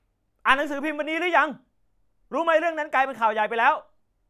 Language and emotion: Thai, angry